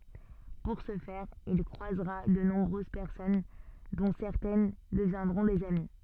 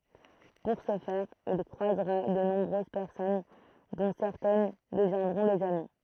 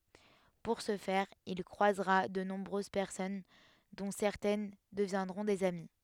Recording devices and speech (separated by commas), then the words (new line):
soft in-ear microphone, throat microphone, headset microphone, read sentence
Pour ce faire, il croisera de nombreuses personnes dont certaines deviendront des amis.